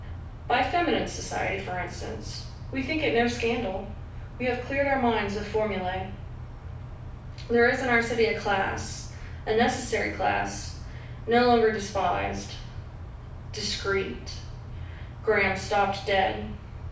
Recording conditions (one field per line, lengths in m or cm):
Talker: one person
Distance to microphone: 5.8 m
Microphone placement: far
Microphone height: 1.8 m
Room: medium-sized (5.7 m by 4.0 m)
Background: none